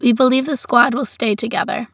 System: none